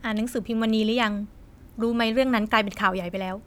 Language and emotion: Thai, frustrated